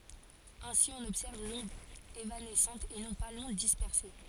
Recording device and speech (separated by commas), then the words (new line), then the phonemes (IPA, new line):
forehead accelerometer, read sentence
Ainsi, on observe l'onde évanescente et non pas l'onde dispersée.
ɛ̃si ɔ̃n ɔbsɛʁv lɔ̃d evanɛsɑ̃t e nɔ̃ pa lɔ̃d dispɛʁse